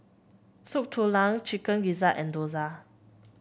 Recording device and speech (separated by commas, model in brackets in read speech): boundary microphone (BM630), read sentence